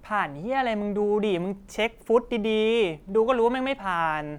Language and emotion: Thai, frustrated